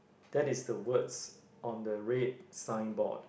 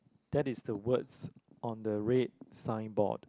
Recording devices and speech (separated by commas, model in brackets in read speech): boundary microphone, close-talking microphone, conversation in the same room